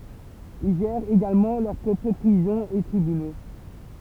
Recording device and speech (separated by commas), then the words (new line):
temple vibration pickup, read sentence
Ils gèrent également leur propres prisons et tribunaux.